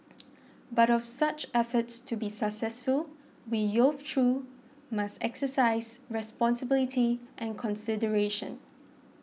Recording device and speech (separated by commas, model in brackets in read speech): mobile phone (iPhone 6), read sentence